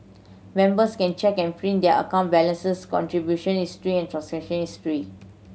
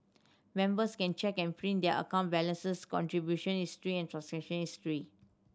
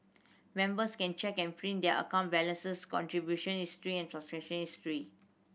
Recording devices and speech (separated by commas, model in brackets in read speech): mobile phone (Samsung C7100), standing microphone (AKG C214), boundary microphone (BM630), read sentence